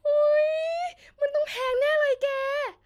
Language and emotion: Thai, happy